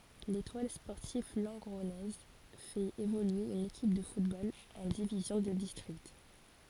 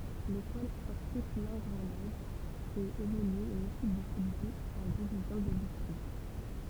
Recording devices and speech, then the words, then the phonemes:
forehead accelerometer, temple vibration pickup, read sentence
L'Étoile sportive lengronnaise fait évoluer une équipe de football en division de district.
letwal spɔʁtiv lɑ̃ɡʁɔnɛz fɛt evolye yn ekip də futbol ɑ̃ divizjɔ̃ də distʁikt

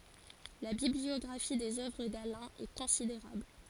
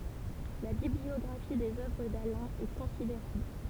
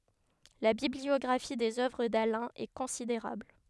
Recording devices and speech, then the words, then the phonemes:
forehead accelerometer, temple vibration pickup, headset microphone, read sentence
La bibliographie des œuvres d’Alain est considérable.
la bibliɔɡʁafi dez œvʁ dalɛ̃ ɛ kɔ̃sideʁabl

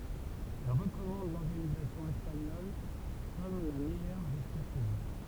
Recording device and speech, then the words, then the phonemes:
temple vibration pickup, read sentence
Elle recommande l'organisation espagnole comme la meilleure jusqu'à ce jour.
ɛl ʁəkɔmɑ̃d lɔʁɡanizasjɔ̃ ɛspaɲɔl kɔm la mɛjœʁ ʒyska sə ʒuʁ

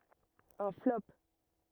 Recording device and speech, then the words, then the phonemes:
rigid in-ear microphone, read sentence
Un flop.
œ̃ flɔp

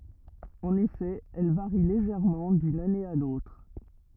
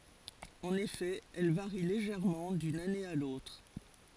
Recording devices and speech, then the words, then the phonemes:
rigid in-ear microphone, forehead accelerometer, read sentence
En effet, elles varient légèrement d'une année à l'autre.
ɑ̃n efɛ ɛl vaʁi leʒɛʁmɑ̃ dyn ane a lotʁ

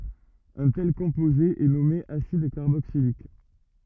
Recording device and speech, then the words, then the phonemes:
rigid in-ear microphone, read sentence
Un tel composé est nommé acide carboxylique.
œ̃ tɛl kɔ̃poze ɛ nɔme asid kaʁboksilik

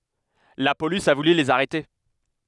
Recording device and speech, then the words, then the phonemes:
headset microphone, read sentence
La police a voulu les arrêter.
la polis a vuly lez aʁɛte

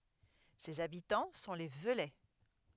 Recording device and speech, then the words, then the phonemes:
headset microphone, read sentence
Ses habitants sont les Veulais.
sez abitɑ̃ sɔ̃ le vølɛ

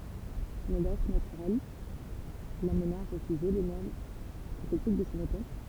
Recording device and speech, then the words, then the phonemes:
temple vibration pickup, read sentence
Son audace naturelle l'amena à refuser les normes critiques de son époque.
sɔ̃n odas natyʁɛl lamna a ʁəfyze le nɔʁm kʁitik də sɔ̃ epok

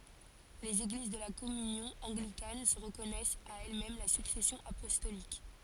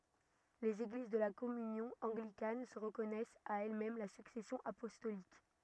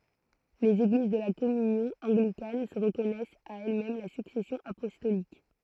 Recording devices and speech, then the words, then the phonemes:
forehead accelerometer, rigid in-ear microphone, throat microphone, read sentence
Les Églises de la Communion anglicane se reconnaissent à elles-mêmes la succession apostolique.
lez eɡliz də la kɔmynjɔ̃ ɑ̃ɡlikan sə ʁəkɔnɛst a ɛlɛsmɛm la syksɛsjɔ̃ apɔstolik

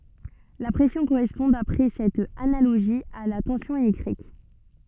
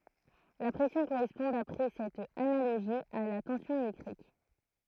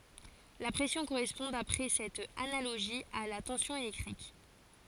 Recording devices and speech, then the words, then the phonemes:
soft in-ear microphone, throat microphone, forehead accelerometer, read sentence
La pression correspond d'après cette analogie à la tension électrique.
la pʁɛsjɔ̃ koʁɛspɔ̃ dapʁɛ sɛt analoʒi a la tɑ̃sjɔ̃ elɛktʁik

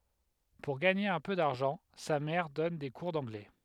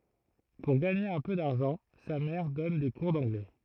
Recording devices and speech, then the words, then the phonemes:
headset microphone, throat microphone, read sentence
Pour gagner un peu d'argent, sa mère donne des cours d'anglais.
puʁ ɡaɲe œ̃ pø daʁʒɑ̃ sa mɛʁ dɔn de kuʁ dɑ̃ɡlɛ

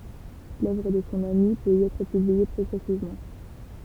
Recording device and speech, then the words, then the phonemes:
temple vibration pickup, read sentence
L'œuvre de son ami peut y être publiée progressivement.
lœvʁ də sɔ̃ ami pøt i ɛtʁ pyblie pʁɔɡʁɛsivmɑ̃

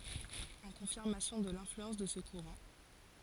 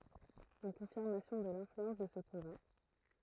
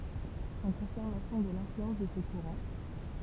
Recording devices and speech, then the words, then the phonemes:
forehead accelerometer, throat microphone, temple vibration pickup, read sentence
En confirmation de l'influence de ce courant,
ɑ̃ kɔ̃fiʁmasjɔ̃ də lɛ̃flyɑ̃s də sə kuʁɑ̃

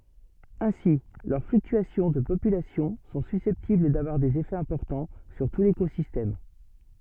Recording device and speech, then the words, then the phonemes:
soft in-ear microphone, read sentence
Ainsi, leurs fluctuations de population sont susceptibles d'avoir des effets importants sur tout l'écosystème.
ɛ̃si lœʁ flyktyasjɔ̃ də popylasjɔ̃ sɔ̃ sysɛptibl davwaʁ dez efɛz ɛ̃pɔʁtɑ̃ syʁ tu lekozistɛm

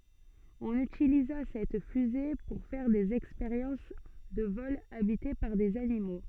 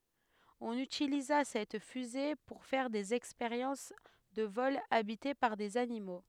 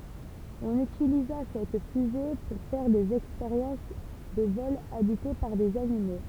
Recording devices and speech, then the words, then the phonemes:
soft in-ear microphone, headset microphone, temple vibration pickup, read sentence
On utilisa cette fusée pour faire des expériences de vols habités par des animaux.
ɔ̃n ytiliza sɛt fyze puʁ fɛʁ dez ɛkspeʁjɑ̃s də vɔlz abite paʁ dez animo

